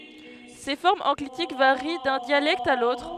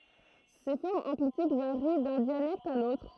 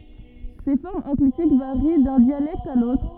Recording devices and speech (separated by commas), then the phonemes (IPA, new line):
headset microphone, throat microphone, rigid in-ear microphone, read sentence
se fɔʁmz ɑ̃klitik vaʁi dœ̃ djalɛkt a lotʁ